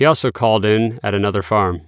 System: none